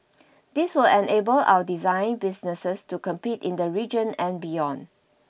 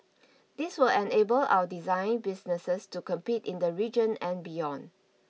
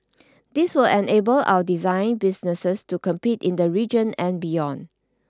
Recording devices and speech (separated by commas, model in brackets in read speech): boundary microphone (BM630), mobile phone (iPhone 6), standing microphone (AKG C214), read sentence